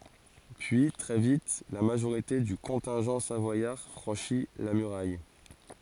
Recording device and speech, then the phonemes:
forehead accelerometer, read sentence
pyi tʁɛ vit la maʒoʁite dy kɔ̃tɛ̃ʒɑ̃ savwajaʁ fʁɑ̃ʃi la myʁaj

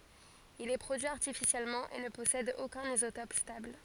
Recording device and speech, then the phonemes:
forehead accelerometer, read sentence
il ɛ pʁodyi aʁtifisjɛlmɑ̃ e nə pɔsɛd okœ̃n izotɔp stabl

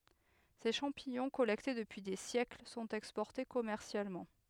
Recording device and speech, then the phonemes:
headset microphone, read sentence
se ʃɑ̃piɲɔ̃ kɔlɛkte dəpyi de sjɛkl sɔ̃t ɛkspɔʁte kɔmɛʁsjalmɑ̃

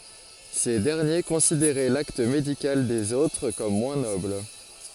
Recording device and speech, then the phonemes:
forehead accelerometer, read sentence
se dɛʁnje kɔ̃sideʁɛ lakt medikal dez otʁ kɔm mwɛ̃ nɔbl

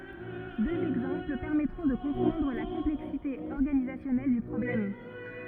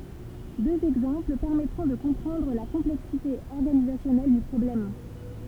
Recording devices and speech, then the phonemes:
rigid in-ear microphone, temple vibration pickup, read sentence
døz ɛɡzɑ̃pl pɛʁmɛtʁɔ̃ də kɔ̃pʁɑ̃dʁ la kɔ̃plɛksite ɔʁɡanizasjɔnɛl dy pʁɔblɛm

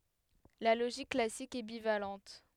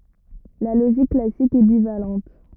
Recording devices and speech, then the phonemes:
headset microphone, rigid in-ear microphone, read sentence
la loʒik klasik ɛ bivalɑ̃t

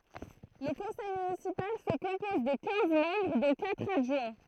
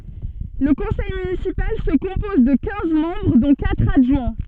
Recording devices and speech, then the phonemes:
throat microphone, soft in-ear microphone, read sentence
lə kɔ̃sɛj mynisipal sə kɔ̃pɔz də kɛ̃z mɑ̃bʁ dɔ̃ katʁ adʒwɛ̃

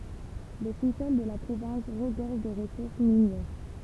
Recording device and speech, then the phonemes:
temple vibration pickup, read sentence
lə susɔl də la pʁovɛ̃s ʁəɡɔʁʒ də ʁəsuʁs minjɛʁ

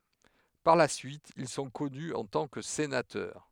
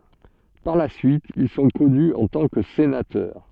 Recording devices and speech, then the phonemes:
headset microphone, soft in-ear microphone, read sentence
paʁ la syit il sɔ̃ kɔny ɑ̃ tɑ̃ kə senatœʁ

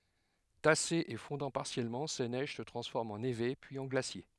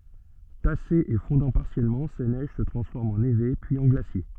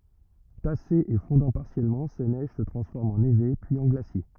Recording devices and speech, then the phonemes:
headset microphone, soft in-ear microphone, rigid in-ear microphone, read sentence
tasez e fɔ̃dɑ̃ paʁsjɛlmɑ̃ se nɛʒ sə tʁɑ̃sfɔʁmt ɑ̃ neve pyiz ɑ̃ ɡlasje

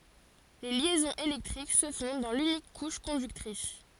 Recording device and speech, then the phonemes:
forehead accelerometer, read sentence
le ljɛzɔ̃z elɛktʁik sə fɔ̃ dɑ̃ lynik kuʃ kɔ̃dyktʁis

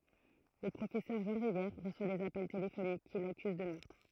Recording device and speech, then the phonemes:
throat microphone, read sentence
lə pʁofɛsœʁ ʒɑ̃ ʁivjɛʁ ʁəswa dez apɛl telefonik ki lakyz də mœʁtʁ

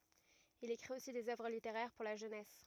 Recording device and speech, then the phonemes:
rigid in-ear microphone, read sentence
il ekʁit osi dez œvʁ liteʁɛʁ puʁ la ʒønɛs

